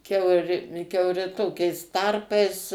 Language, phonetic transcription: Lithuanian, ˈkiauri kiauˈri ˈtokiais ˈtarpais

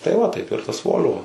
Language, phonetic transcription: Lithuanian, tai ˈva ˈtaip ir tas ˈvol'vo

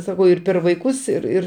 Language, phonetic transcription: Lithuanian, saˈkau ir per vaiˈkus ir ˈir

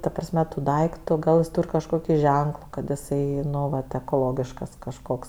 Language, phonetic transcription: Lithuanian, ta prasˈme tu ˈdaiktu ˈgal jis ˈtūr' kažˈkoki ˈženklu kad iˈsai ˈnu ˈvat ekoˈlogiškas kažˈkoks

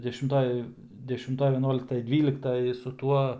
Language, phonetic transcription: Lithuanian, dešimˈtoj dešimˈtoj veˈnuoliktaj ˈdvyliktaj su ˈtuo

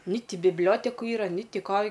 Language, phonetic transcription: Lithuanian, ni ˈti bibˈlioteku ˈyra ni ˈti ˈko

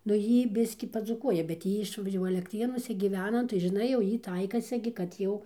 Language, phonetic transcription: Lithuanian, nu ˈjy ˈbiskį padzūˈkuoja bet ˈjy iš jau alekˈtrėnuose gyˈvena nu tai žiˈnai jau ˈjy ˈtaikasi gi kad ˈjau

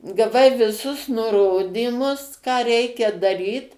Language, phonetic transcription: Lithuanian, gaˈvai viˈsus nuˈrodymus ką ˈreikia daˈryt

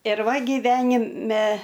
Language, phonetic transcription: Lithuanian, ir ˈva giˈvenime

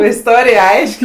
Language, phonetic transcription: Lithuanian, isˈtorij ˈaiš'k'

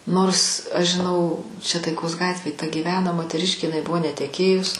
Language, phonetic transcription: Lithuanian, ˈnors aš žiˈnau čia taiˈkos ˈgatvėj ta gyˈveno moteˈriškė iˈnai ˈbuvo neteˈkėjus

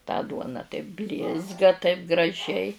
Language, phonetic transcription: Lithuanian, tą ˈduona taip ˈblizga taip graˈžiai

